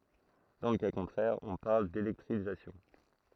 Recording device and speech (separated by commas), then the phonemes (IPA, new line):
throat microphone, read sentence
dɑ̃ lə ka kɔ̃tʁɛʁ ɔ̃ paʁl delɛktʁizasjɔ̃